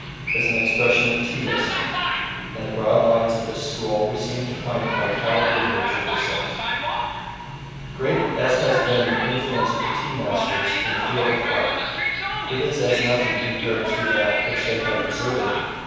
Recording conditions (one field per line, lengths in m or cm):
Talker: one person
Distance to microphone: 7.1 m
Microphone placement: far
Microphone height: 1.7 m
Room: very reverberant, large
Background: television